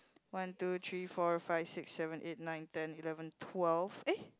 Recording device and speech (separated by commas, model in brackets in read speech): close-talking microphone, conversation in the same room